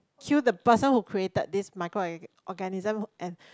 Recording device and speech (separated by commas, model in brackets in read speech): close-talking microphone, conversation in the same room